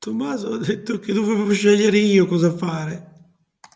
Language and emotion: Italian, sad